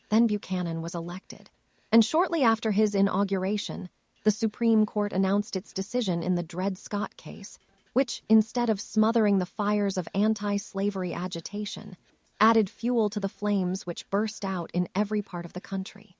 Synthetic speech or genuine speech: synthetic